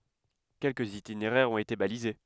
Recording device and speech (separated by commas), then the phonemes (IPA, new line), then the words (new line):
headset microphone, read sentence
kɛlkəz itineʁɛʁz ɔ̃t ete balize
Quelques itinéraires ont été balisés.